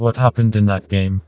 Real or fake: fake